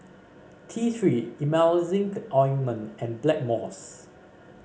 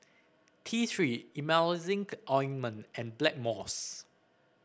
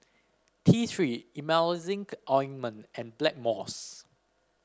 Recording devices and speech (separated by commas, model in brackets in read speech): mobile phone (Samsung C5), boundary microphone (BM630), standing microphone (AKG C214), read sentence